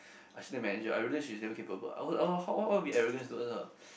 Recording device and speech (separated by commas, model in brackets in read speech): boundary microphone, conversation in the same room